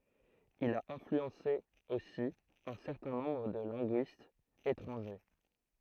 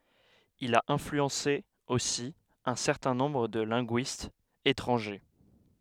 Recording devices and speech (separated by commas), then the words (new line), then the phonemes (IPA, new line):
throat microphone, headset microphone, read sentence
Il a influencé aussi un certain nombre de linguistes étrangers.
il a ɛ̃flyɑ̃se osi œ̃ sɛʁtɛ̃ nɔ̃bʁ də lɛ̃ɡyistz etʁɑ̃ʒe